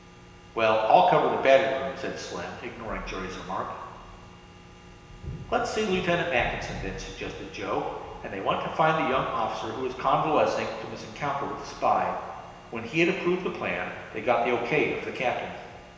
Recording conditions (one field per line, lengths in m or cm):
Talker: one person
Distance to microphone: 1.7 m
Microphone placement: close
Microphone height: 1.0 m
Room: very reverberant, large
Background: none